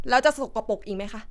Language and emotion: Thai, frustrated